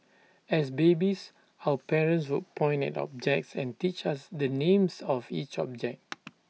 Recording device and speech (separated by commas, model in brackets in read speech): mobile phone (iPhone 6), read sentence